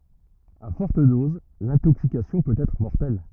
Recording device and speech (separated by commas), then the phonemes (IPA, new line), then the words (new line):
rigid in-ear microphone, read sentence
a fɔʁt doz lɛ̃toksikasjɔ̃ pøt ɛtʁ mɔʁtɛl
À fortes doses, l'intoxication peut être mortelle.